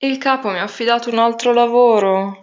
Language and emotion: Italian, sad